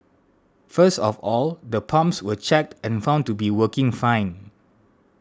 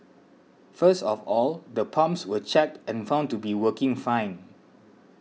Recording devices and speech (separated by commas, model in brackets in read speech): standing microphone (AKG C214), mobile phone (iPhone 6), read sentence